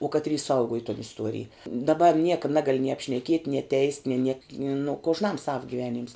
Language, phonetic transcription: Lithuanian, uo ˈkatry ˈsauguoj ton isˈtuorij daˈba ˈnieka ˈnagali nie apšneˈkiet' nie teist' nė niek nu kožˈnam sav gyˈveˌnyms

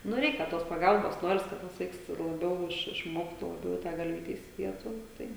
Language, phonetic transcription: Lithuanian, ˈnu ˈreikia tos paˈgalbos ˈnoris ˈkad tas ˈvaiks laˈbiau ˈiš išˈmoktų laˈbiau i ˈtą galˈvyte isiˈdietų ˈtai

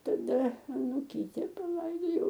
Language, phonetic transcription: Lithuanian, taˈda anuˈkyte paˈlaidojau

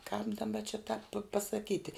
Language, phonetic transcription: Lithuanian, kāp daˈba či tāp pasaˈkyti

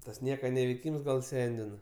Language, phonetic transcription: Lithuanian, tas ˈnieka neveiˈkyms gal ˈsendina

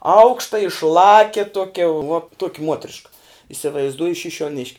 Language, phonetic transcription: Lithuanian, ˈaukšta išˈlakia ˈtokia vuo ˈtuoki ˈmuotriška isivaizˈduoju šišiuoˈnišk'

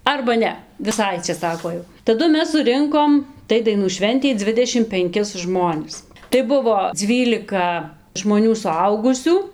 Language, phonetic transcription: Lithuanian, arba ˈne viˈsai atsiˈsako ˈjau taˈdu ˈmes suˈrinkom ˈtai daiˈnų ˈšventei ˈdzvidešim penˈkis ˈžmonis tai ˈbuvo ˈdzvylika žmoˈnių suˈaugusių

